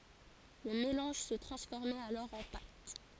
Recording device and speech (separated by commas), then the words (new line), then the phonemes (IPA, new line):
forehead accelerometer, read sentence
Le mélange se transformait alors en pâte.
lə melɑ̃ʒ sə tʁɑ̃sfɔʁmɛt alɔʁ ɑ̃ pat